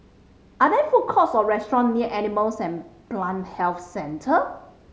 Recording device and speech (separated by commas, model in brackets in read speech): mobile phone (Samsung C5010), read sentence